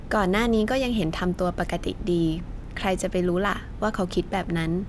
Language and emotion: Thai, neutral